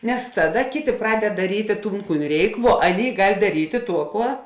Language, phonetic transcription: Lithuanian, nes ˈtaˌda ˈkėˌtė ˈpraded daˈrytė ˈtūn ˈkūn ˈreik vuo ˈaˌnėi ˈgal' daˈrytė ˈtuo ˈkuo

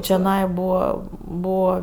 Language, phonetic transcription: Lithuanian, čioˈnai ˈbūva ˈbūva

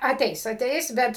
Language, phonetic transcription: Lithuanian, aˈteis aˈteis ˈbet

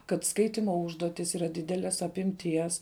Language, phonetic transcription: Lithuanian, kad ˈskaitimo ˈužduotis ˈyra ˈdideles apimˈties

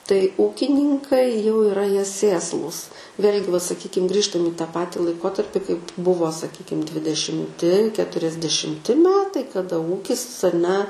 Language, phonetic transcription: Lithuanian, tai ˈūkininkai jau iˈra ˈjie ˈsėslūs ˈvėl'gi va saˈkykim ˈgrįžtam į tą ˈpati laiˈkotarpi kaip ˈbuvo saˈkykim dvidešimˈti keturiasdešimˈti ˈmetai kaˈda ˈūkis aˈne

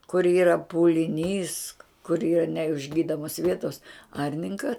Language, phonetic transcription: Lithuanian, kur ˈyra puliˈnys kur ˈyra neišˈgydomos ˈvietos ˈarninka

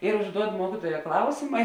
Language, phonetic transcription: Lithuanian, ir užˈduod ˈmuokituoja ˈklausima

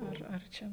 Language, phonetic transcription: Lithuanian, ˈar ar ˈčia

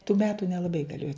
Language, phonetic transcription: Lithuanian, tų ˈmetu nelaˈbai gaˈlėjo

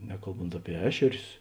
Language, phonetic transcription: Lithuanian, ˈnekalˌbont ˈapie ˈešerius

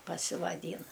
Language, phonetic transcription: Lithuanian, pasivaˈdyna

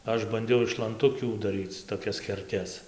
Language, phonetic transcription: Lithuanian, ˈaš banˈdiau iš lanˈtukių daˈryc toˈkias keˈrtes

